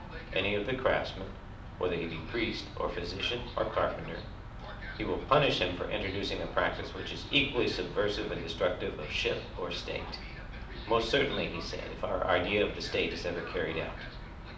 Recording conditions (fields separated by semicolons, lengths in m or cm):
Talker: one person; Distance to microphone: 2.0 m; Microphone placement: close; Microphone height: 99 cm; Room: medium-sized (5.7 m by 4.0 m); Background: television